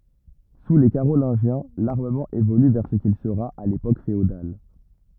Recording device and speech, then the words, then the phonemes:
rigid in-ear microphone, read sentence
Sous les Carolingiens, l'armement évolue vers ce qu'il sera à l'époque féodale.
su le kaʁolɛ̃ʒjɛ̃ laʁməmɑ̃ evoly vɛʁ sə kil səʁa a lepok feodal

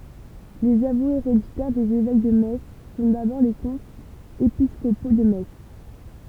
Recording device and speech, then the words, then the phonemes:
temple vibration pickup, read sentence
Les avoués héréditaires des évêques de Metz sont d’abord les comtes épiscopaux de Metz.
lez avwez eʁeditɛʁ dez evɛk də mɛts sɔ̃ dabɔʁ le kɔ̃tz episkopo də mɛts

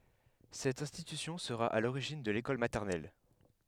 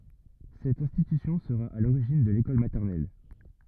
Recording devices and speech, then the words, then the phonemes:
headset microphone, rigid in-ear microphone, read sentence
Cette institution sera à l’origine de l’école maternelle.
sɛt ɛ̃stitysjɔ̃ səʁa a loʁiʒin də lekɔl matɛʁnɛl

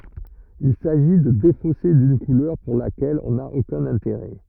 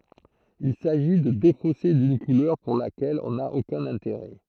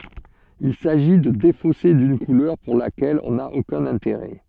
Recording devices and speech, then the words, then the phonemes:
rigid in-ear microphone, throat microphone, soft in-ear microphone, read sentence
Il s'agit de défausser d'une couleur pour laquelle on n'a aucun intérêt.
il saʒi də defose dyn kulœʁ puʁ lakɛl ɔ̃ na okœ̃n ɛ̃teʁɛ

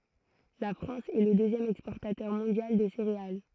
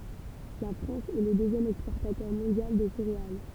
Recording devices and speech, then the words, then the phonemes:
throat microphone, temple vibration pickup, read sentence
La France est le deuxième exportateur mondial de céréales.
la fʁɑ̃s ɛ lə døzjɛm ɛkspɔʁtatœʁ mɔ̃djal də seʁeal

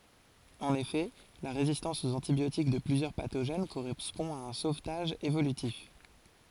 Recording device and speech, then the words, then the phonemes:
forehead accelerometer, read sentence
En effet, la résistance aux antibiotiques de plusieurs pathogènes correspond à un sauvetage évolutif.
ɑ̃n efɛ la ʁezistɑ̃s oz ɑ̃tibjotik də plyzjœʁ patoʒɛn koʁɛspɔ̃ a œ̃ sovtaʒ evolytif

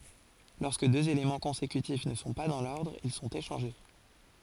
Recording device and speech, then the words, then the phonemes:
forehead accelerometer, read sentence
Lorsque deux éléments consécutifs ne sont pas dans l'ordre, ils sont échangés.
lɔʁskə døz elemɑ̃ kɔ̃sekytif nə sɔ̃ pa dɑ̃ lɔʁdʁ il sɔ̃t eʃɑ̃ʒe

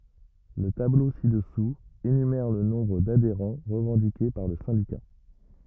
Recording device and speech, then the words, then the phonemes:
rigid in-ear microphone, read sentence
Le tableau ci-dessous, énumère le nombre d'adhérents revendiqué par le syndicat.
lə tablo si dəsu enymɛʁ lə nɔ̃bʁ dadeʁɑ̃ ʁəvɑ̃dike paʁ lə sɛ̃dika

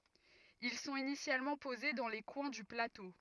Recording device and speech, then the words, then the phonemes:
rigid in-ear microphone, read sentence
Ils sont initialement posés dans les coins du plateau.
il sɔ̃t inisjalmɑ̃ poze dɑ̃ le kwɛ̃ dy plato

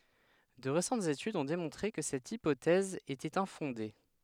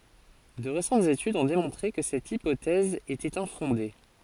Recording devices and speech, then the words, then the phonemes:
headset microphone, forehead accelerometer, read sentence
De récentes études ont démontré que cette hypothèse était infondée.
də ʁesɑ̃tz etydz ɔ̃ demɔ̃tʁe kə sɛt ipotɛz etɛt ɛ̃fɔ̃de

